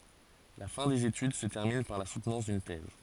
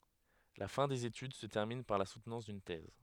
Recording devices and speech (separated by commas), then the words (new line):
forehead accelerometer, headset microphone, read sentence
La fin des études se termine par la soutenance d'une thèse.